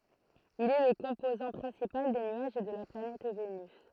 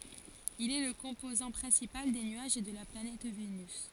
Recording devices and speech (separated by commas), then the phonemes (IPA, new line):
throat microphone, forehead accelerometer, read sentence
il ɛ lə kɔ̃pozɑ̃ pʁɛ̃sipal de nyaʒ də la planɛt venys